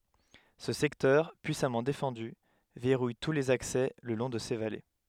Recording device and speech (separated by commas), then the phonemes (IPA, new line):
headset microphone, read sentence
sə sɛktœʁ pyisamɑ̃ defɑ̃dy vɛʁuj tu lez aksɛ lə lɔ̃ də se vale